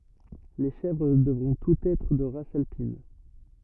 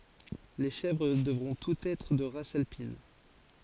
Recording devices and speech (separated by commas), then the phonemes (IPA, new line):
rigid in-ear microphone, forehead accelerometer, read sentence
le ʃɛvʁ dəvʁɔ̃ tutz ɛtʁ də ʁas alpin